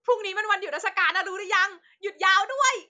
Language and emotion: Thai, happy